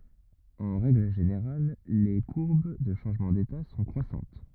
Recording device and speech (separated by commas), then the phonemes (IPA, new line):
rigid in-ear microphone, read sentence
ɑ̃ ʁɛɡl ʒeneʁal le kuʁb də ʃɑ̃ʒmɑ̃ deta sɔ̃ kʁwasɑ̃t